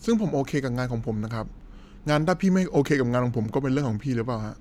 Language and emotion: Thai, neutral